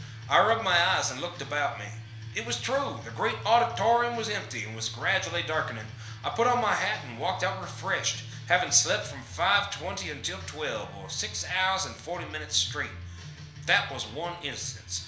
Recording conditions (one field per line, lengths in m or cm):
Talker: one person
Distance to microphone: 1.0 m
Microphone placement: close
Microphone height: 1.1 m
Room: small (3.7 m by 2.7 m)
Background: music